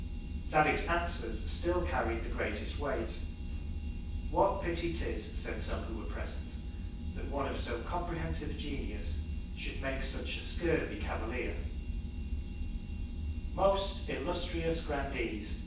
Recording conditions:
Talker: one person; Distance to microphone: 9.8 m; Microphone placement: far; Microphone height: 1.8 m; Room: large; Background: none

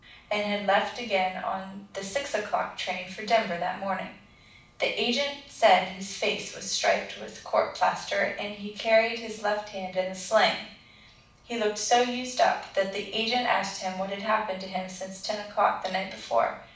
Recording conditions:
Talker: one person; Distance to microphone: 5.8 m; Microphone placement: far; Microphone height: 1.8 m; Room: medium-sized (5.7 m by 4.0 m); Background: none

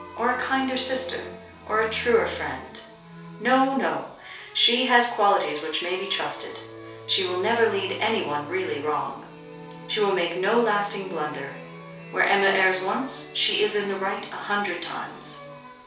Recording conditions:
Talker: one person; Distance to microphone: 3.0 m; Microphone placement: far; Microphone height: 1.8 m; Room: small (3.7 m by 2.7 m); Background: music

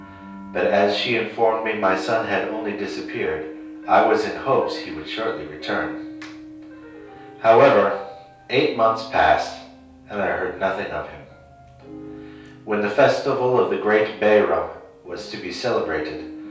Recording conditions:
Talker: one person; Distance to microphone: 3.0 m; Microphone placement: far; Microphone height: 1.8 m; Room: small (3.7 m by 2.7 m); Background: music

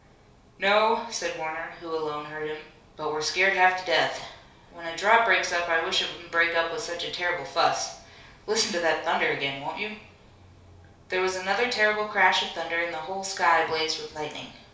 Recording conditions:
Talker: one person; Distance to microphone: 3.0 m; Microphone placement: far; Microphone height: 1.8 m; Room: small (3.7 m by 2.7 m); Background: none

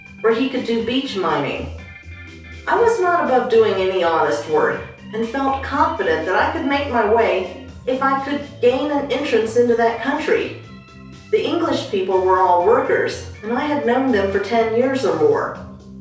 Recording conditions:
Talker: one person; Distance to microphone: 3.0 m; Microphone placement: far; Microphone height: 1.8 m; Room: small (3.7 m by 2.7 m); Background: music

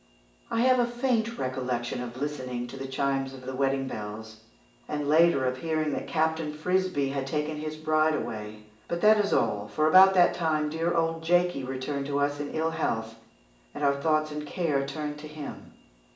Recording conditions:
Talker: one person; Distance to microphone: 1.8 m; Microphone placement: close; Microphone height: 1.0 m; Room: large; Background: none

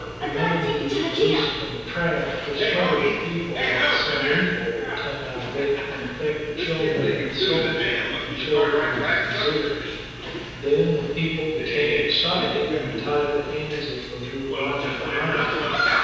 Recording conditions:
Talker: one person; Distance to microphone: 7.1 m; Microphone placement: far; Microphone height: 1.7 m; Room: very reverberant, large; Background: television

